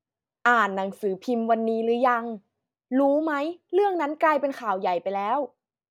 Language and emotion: Thai, frustrated